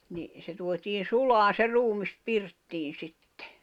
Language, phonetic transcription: Finnish, ni , se tuot́iin̬ "sulaan̬ se "ruumis 'pirttiin̬ 'sittᴇ .
- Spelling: niin se tuotiin sulamaan se ruumis pirttiin sitten

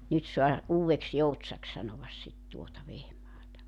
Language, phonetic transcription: Finnish, 'nyt soa , 'Uuwveks"Joutsaks sanovas sit tuota 'Vehmaata .
- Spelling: nyt saa Uudeksi-Joutsaksi sanoa sitten tuota Vehmaata

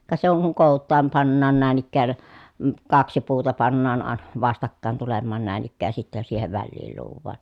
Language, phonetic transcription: Finnish, ka se oŋ kuŋ kòut̆taam pannaan nä̀in ‿ikkään , m̥ kaksi puuta pannaan à , vastakkàen tulemmaan nä̀in ‿ikkääj ja sittɛ siihev välliil luuv̆vaan .
- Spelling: ka se on kun kootaan pannaan näin ikään - kaksi puuta pannaan - vastakkain tulemaan näin ikään ja sitten siihen väliin luodaan

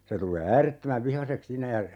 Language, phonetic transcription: Finnish, 'se tul̆lee "äärettömäv 'vihaseks 'siinä ja , .
- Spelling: se tulee äärettömän vihaiseksi siinä ja

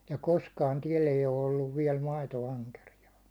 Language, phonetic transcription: Finnish, ja 'koskaan 'tiɛl ‿eij ‿o olluv viɛl 'maito₍"aŋkerijaa .
- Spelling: ja koskaan täällä ei ole ollut vielä maitoankeriasta

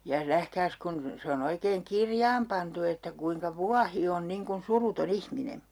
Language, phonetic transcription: Finnish, ja 'nähkääs kun , 'se on ‿oikeeŋ "kirjaam pantu että kuiŋka "vuahi on niŋ kun 'suruto"n ‿ihmine .
- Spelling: ja nähkääs kun se on oikein kirjaan pantu että kuinka vuohi on niin kuin suruton ihminen

